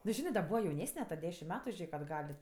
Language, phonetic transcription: Lithuanian, nu ˈžinɜ da ˈbūva jauˈnesne ta ˈdešim ˈmet ˈžėk atˈgal'

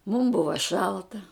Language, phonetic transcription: Lithuanian, mum ˈbuva ˈšalta

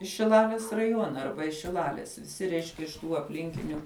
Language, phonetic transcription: Lithuanian, iš šiˈlalis raˈjuona ˈarba šiˈlalis viˈsi ˈreiškia iš tų apˈlinkiniu

